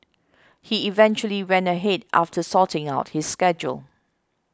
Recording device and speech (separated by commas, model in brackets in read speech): close-talking microphone (WH20), read sentence